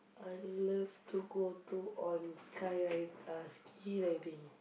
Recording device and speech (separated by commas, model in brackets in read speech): boundary microphone, conversation in the same room